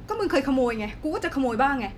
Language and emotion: Thai, angry